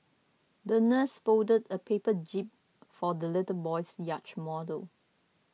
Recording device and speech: mobile phone (iPhone 6), read sentence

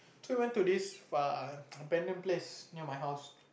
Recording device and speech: boundary microphone, conversation in the same room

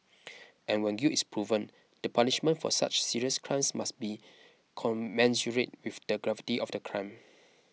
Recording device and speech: mobile phone (iPhone 6), read sentence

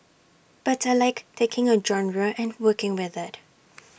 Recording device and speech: boundary microphone (BM630), read sentence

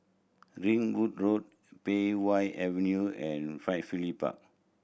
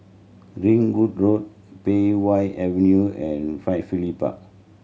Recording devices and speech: boundary microphone (BM630), mobile phone (Samsung C7100), read sentence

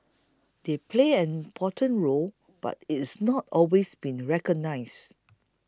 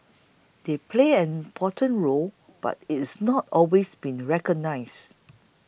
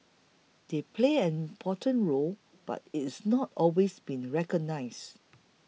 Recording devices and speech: close-talking microphone (WH20), boundary microphone (BM630), mobile phone (iPhone 6), read sentence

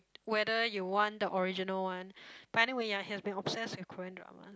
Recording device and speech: close-talking microphone, conversation in the same room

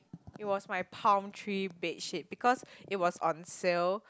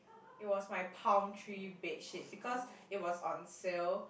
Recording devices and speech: close-talking microphone, boundary microphone, conversation in the same room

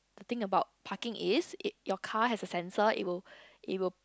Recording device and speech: close-talking microphone, conversation in the same room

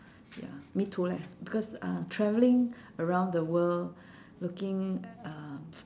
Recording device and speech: standing microphone, conversation in separate rooms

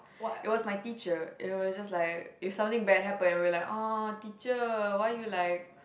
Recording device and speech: boundary microphone, conversation in the same room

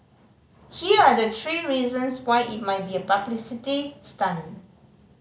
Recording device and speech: mobile phone (Samsung C5010), read sentence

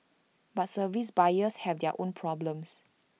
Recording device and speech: mobile phone (iPhone 6), read sentence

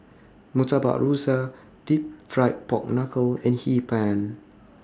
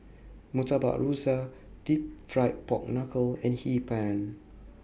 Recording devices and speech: standing microphone (AKG C214), boundary microphone (BM630), read sentence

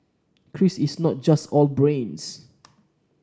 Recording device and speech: standing microphone (AKG C214), read sentence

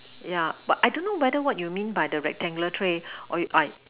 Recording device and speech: telephone, conversation in separate rooms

